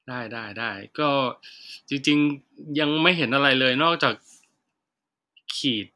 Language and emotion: Thai, neutral